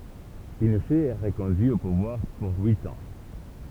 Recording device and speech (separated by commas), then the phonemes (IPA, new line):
temple vibration pickup, read sentence
pinoʃɛ ɛ ʁəkɔ̃dyi o puvwaʁ puʁ yit ɑ̃